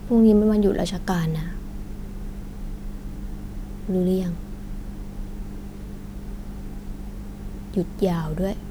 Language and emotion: Thai, frustrated